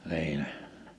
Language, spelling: Finnish, niin ne
- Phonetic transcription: ni̬i ne .

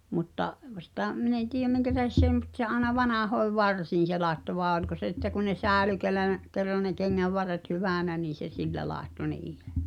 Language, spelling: Finnish, mutta - sitä minä en tiedä minkä tähden se ei mutta se aina vanhoihin varsiin se laittoi vain oliko se että kun ne säilyi kenellä ne kerran ne kengänvarret hyvänä niin se sillä laittoi niihin
- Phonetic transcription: mutta’ , ᵛ- sⁱtä͔ , 'min en tiijem 'miŋkä tähes s ‿èi̬ mut se aaᵉna 'vanahoi̬v "varsiin̬ se 'làetto vàe oĺko se että ku ne 'sääᵉly (kel̆lä nə) , ker̆ra ne 'keŋŋävvarret "hyvä̀nä nii se "sillä làetto (ni̬ihᴇ) .

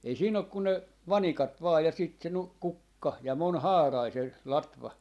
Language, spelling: Finnish, ei siinä ole kuin ne vanikat vain ja sitten se - kukka ja monihaarainen se latva
- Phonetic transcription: ei 'siin ‿ok ku ne , "vanikat vaa ja sit se 'nu- , "kukka , ja 'mon"haarai se , 'latva .

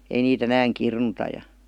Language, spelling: Finnish, ei niitä enää kirnuta ja
- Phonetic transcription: 'ei nii"t ‿enääŋ 'kirnuta ja .

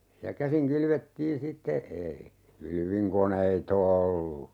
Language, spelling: Finnish, ja käsin kylvettiin sitten ei kylvinkoneita ollut
- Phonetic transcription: ja 'käsiŋ 'kylvettiin 'sitte , ei , 'kylviŋkonei"t ‿ollu .

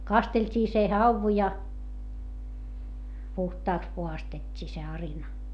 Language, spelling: Finnish, kasteltiin se havu ja puhtaaksi puhdistettiin se arina
- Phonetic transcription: kastelt́ii se hauvu ja , puhtaaks puhastet́t́ii se arina .

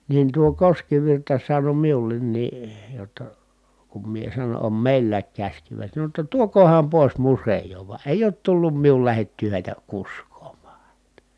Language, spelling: Finnish, niin tuo Koskivirta sanoi minullekin jotta kun minä sanon on meilläkin käsikivet sanoi jotta tuokaahan pois museoon vaan ei ole tullut minun lähettyä heitä kuskaamaan häntä
- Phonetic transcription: niin tuo Koskivirta sano miul̆lennii , jotta , kum mie sanon̬ » om mèillääk käśkivet » sano ‿tta » tuok̀ooham pòis musej̀oov » va ʼèij ‿oot tullum miul lähettyy hèitä kusk̀oom̆maa (hänt) .

